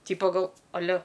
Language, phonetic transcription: Lithuanian, ˈtypa ˈgal aˈle

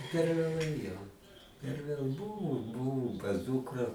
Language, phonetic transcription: Lithuanian, per vėˈlai jau per ˈvėl ˈbuvu ˈbuvum pas ˈdukra

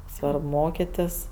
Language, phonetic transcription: Lithuanian, ˈsvarb ˈmokitis

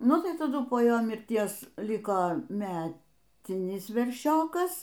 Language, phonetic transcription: Lithuanian, ˈnu tai taˈdu po ˈjo mirˈties ˈliko ˈmetinis verˈšiokas

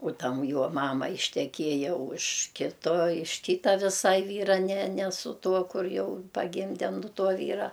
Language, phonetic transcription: Lithuanian, u ˈtam ˈjuo ˈmama išteˈkieja už ˈkito iš ˈkyta viˈsai ˈvyra ne ne su ˈtuo ˈkur ˈjau paˈgimde nu ˈtuo ˈvyra

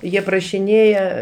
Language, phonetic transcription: Lithuanian, ˈjie prašiˈnėja

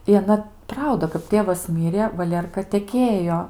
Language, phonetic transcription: Lithuanian, i aˈna ˈprauda kap ˈtėvas ˈmirė vaˈlėrka teˈkėjo

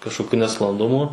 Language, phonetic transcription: Lithuanian, kažkoˈkiu nesklanˈdumu

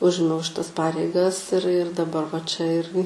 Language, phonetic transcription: Lithuanian, ˈužimiau šiˈtas ˈpareigas ir ir daˈbar va čia ˈirgi

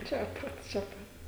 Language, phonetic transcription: Lithuanian, ˈčia pat čia ˈpat

